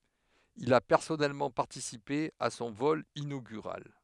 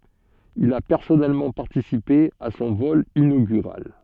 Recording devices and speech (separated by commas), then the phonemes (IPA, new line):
headset microphone, soft in-ear microphone, read sentence
il a pɛʁsɔnɛlmɑ̃ paʁtisipe a sɔ̃ vɔl inoɡyʁal